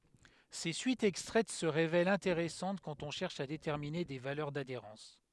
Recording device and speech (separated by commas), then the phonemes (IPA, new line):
headset microphone, read sentence
se syitz ɛkstʁɛt sə ʁevɛlt ɛ̃teʁɛsɑ̃t kɑ̃t ɔ̃ ʃɛʁʃ a detɛʁmine de valœʁ dadeʁɑ̃s